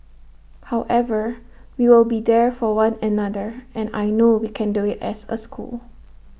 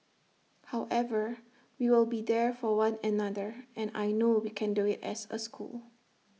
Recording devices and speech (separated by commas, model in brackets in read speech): boundary microphone (BM630), mobile phone (iPhone 6), read sentence